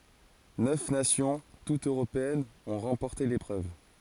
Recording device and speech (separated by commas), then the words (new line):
forehead accelerometer, read sentence
Neuf nations, toutes européennes, ont remporté l'épreuve.